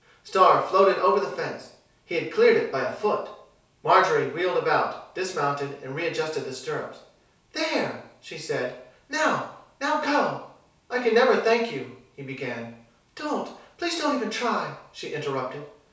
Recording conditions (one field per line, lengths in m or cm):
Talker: one person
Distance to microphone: 3.0 m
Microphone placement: far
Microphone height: 1.8 m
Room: small (3.7 m by 2.7 m)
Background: none